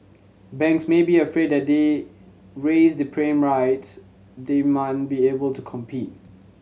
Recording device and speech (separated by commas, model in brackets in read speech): mobile phone (Samsung C7100), read sentence